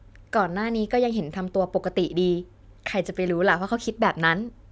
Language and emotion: Thai, happy